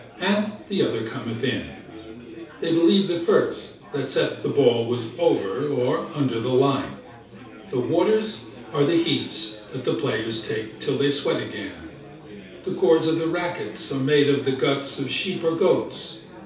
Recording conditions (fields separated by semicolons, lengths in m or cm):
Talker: one person; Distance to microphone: 3.0 m; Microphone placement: far; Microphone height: 1.8 m; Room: small (3.7 m by 2.7 m); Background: babble